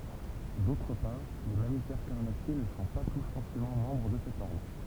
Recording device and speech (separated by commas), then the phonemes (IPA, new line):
temple vibration pickup, read sentence
dotʁ paʁ le mamifɛʁ kaʁnasje nə sɔ̃ pa tus fɔʁsemɑ̃ mɑ̃bʁ də sɛt ɔʁdʁ